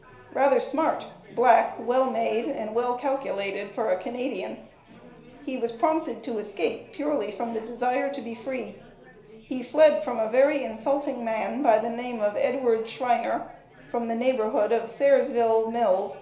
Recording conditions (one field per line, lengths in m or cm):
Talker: one person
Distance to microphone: 1.0 m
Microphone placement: close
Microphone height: 1.1 m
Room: small (3.7 m by 2.7 m)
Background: babble